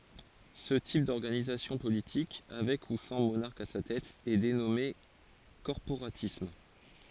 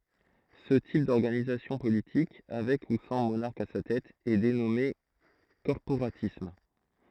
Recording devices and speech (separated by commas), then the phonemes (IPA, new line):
forehead accelerometer, throat microphone, read sentence
sə tip dɔʁɡanizasjɔ̃ politik avɛk u sɑ̃ monaʁk a sa tɛt ɛ denɔme kɔʁpoʁatism